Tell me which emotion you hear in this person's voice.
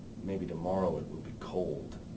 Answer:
neutral